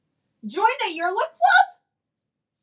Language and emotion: English, surprised